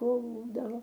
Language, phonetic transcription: Lithuanian, ˈkūldavo

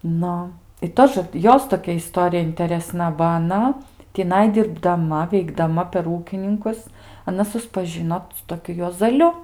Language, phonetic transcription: Lithuanian, ˈnu i ˈtožə ˈjos toˈkia iˈstorija intereˈsna ba aˈna tiˈnai dirbdaˈma veikdaˈma per ˈūkininkus aˈna suspaˈžino su toˈkiu juozaˈliu

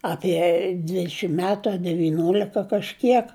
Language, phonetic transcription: Lithuanian, apie ˈdvidšim ˈmetu a deviˈniolika kažˈkiek

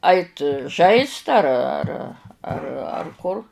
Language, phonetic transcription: Lithuanian, ˈait ˈžaist ar ar ar ar ˈkur

